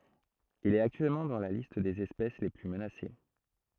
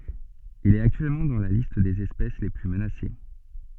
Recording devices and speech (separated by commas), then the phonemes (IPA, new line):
throat microphone, soft in-ear microphone, read sentence
il ɛt aktyɛlmɑ̃ dɑ̃ la list dez ɛspɛs le ply mənase